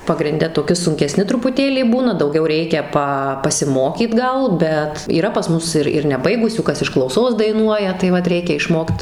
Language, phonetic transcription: Lithuanian, pagrinˈde toˈki sunkeˈsni trupuˈtėlį ˈbūna dauˈgiau ˈreikia ˈpa pasiˈmokyt ˈgal ˈbet yˈra pas ˈmus ir ir neˈbaigusių ˈkas iš klauˈsos daiˈnuoja tai ˈvat ˈreikia išˈmokt

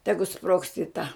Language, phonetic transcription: Lithuanian, ˈtegu sprogst i ˈta

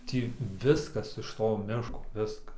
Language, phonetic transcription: Lithuanian, ˈtį ˈviskas iš ˈto ˈmiško ˈviskas

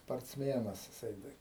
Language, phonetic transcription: Lithuanian, sparcˈmienas jiˈsai ˈtai

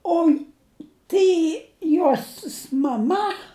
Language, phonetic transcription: Lithuanian, ˈoi ˈtai ˈjosis maˈma

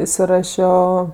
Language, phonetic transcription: Lithuanian, isiˈrašio

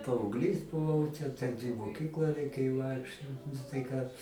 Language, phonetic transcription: Lithuanian, paaugˈlys buˈvau ˈten ten i moˈkyklą reiˈkėjo ˈvaikščiot nu tai ˈką

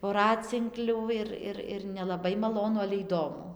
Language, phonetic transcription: Lithuanian, voˈracinklių ˈir ˈir ir nelaˈbai maˈlonu ale įˈdomu

